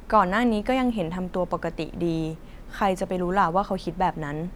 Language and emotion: Thai, neutral